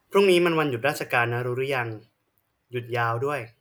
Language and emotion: Thai, neutral